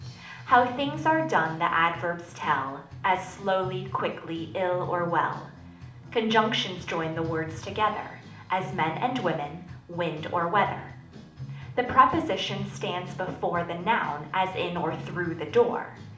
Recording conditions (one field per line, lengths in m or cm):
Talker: one person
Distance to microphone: 2.0 m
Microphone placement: close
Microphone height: 99 cm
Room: medium-sized (5.7 m by 4.0 m)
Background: music